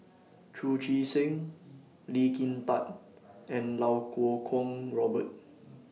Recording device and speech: mobile phone (iPhone 6), read sentence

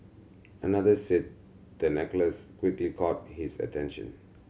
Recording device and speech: mobile phone (Samsung C7100), read sentence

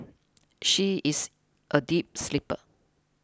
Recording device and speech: close-talking microphone (WH20), read sentence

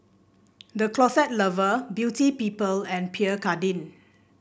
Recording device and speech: boundary microphone (BM630), read sentence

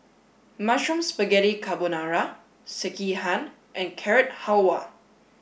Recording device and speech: boundary microphone (BM630), read sentence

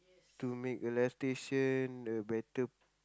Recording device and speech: close-talking microphone, conversation in the same room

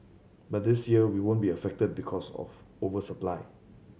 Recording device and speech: mobile phone (Samsung C7100), read sentence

